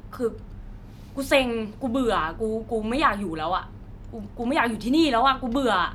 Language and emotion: Thai, frustrated